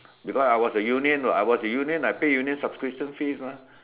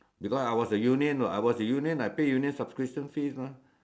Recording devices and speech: telephone, standing microphone, conversation in separate rooms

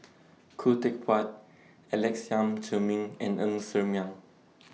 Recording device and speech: mobile phone (iPhone 6), read sentence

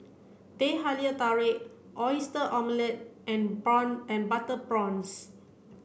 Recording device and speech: boundary microphone (BM630), read sentence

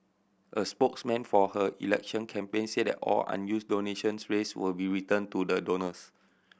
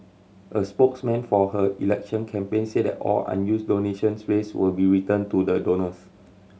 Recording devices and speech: boundary microphone (BM630), mobile phone (Samsung C7100), read sentence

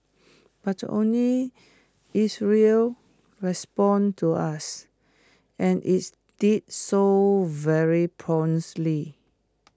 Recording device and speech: close-talking microphone (WH20), read sentence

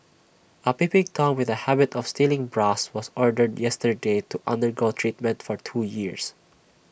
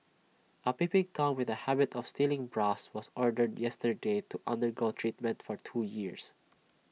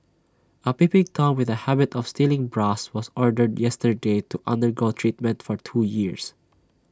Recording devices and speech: boundary microphone (BM630), mobile phone (iPhone 6), standing microphone (AKG C214), read sentence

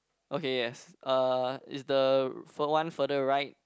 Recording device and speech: close-talking microphone, conversation in the same room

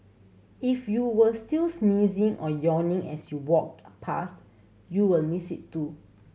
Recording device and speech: mobile phone (Samsung C7100), read sentence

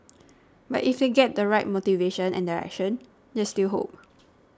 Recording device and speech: standing microphone (AKG C214), read sentence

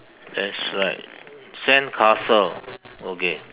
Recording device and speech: telephone, conversation in separate rooms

